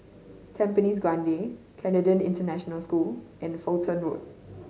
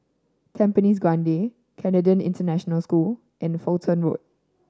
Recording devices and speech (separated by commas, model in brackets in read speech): mobile phone (Samsung C5010), standing microphone (AKG C214), read sentence